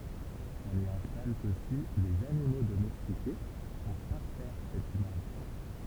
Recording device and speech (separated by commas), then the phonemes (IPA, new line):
temple vibration pickup, read sentence
ɔ̃n i ɛ̃stal osi dez animo domɛstike puʁ paʁfɛʁ sɛt imaʒ